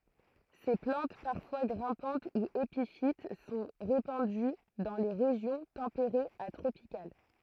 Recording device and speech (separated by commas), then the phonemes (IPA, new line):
throat microphone, read sentence
se plɑ̃t paʁfwa ɡʁɛ̃pɑ̃t u epifit sɔ̃ ʁepɑ̃dy dɑ̃ le ʁeʒjɔ̃ tɑ̃peʁez a tʁopikal